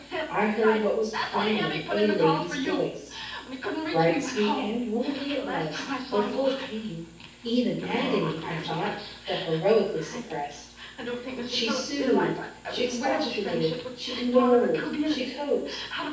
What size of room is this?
A large space.